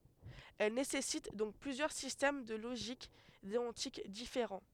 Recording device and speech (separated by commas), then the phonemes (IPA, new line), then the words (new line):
headset microphone, read sentence
ɛl nesɛsit dɔ̃k plyzjœʁ sistɛm də loʒik deɔ̃tik difeʁɑ̃
Elle nécessite donc plusieurs systèmes de logique déontique différents.